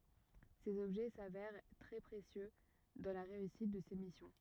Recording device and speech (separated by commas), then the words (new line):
rigid in-ear microphone, read sentence
Ces objets s'avèrent très précieux dans la réussite de ses missions.